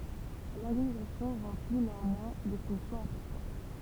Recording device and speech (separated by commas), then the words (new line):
temple vibration pickup, read sentence
L'organisation remplit néanmoins des fonctions importantes.